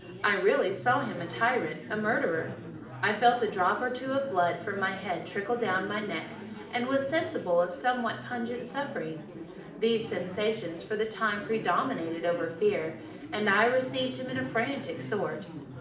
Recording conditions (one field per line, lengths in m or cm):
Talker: one person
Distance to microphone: 2.0 m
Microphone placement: close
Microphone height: 99 cm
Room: medium-sized (5.7 m by 4.0 m)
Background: babble